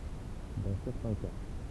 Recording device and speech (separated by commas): temple vibration pickup, read sentence